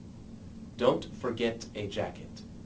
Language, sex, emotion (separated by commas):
English, male, neutral